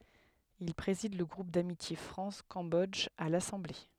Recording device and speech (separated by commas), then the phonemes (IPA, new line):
headset microphone, read sentence
il pʁezid lə ɡʁup damitje fʁɑ̃s kɑ̃bɔdʒ a lasɑ̃ble